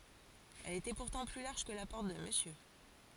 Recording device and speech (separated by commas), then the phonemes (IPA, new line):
forehead accelerometer, read sentence
ɛl etɛ puʁtɑ̃ ply laʁʒ kə la pɔʁt də məsjø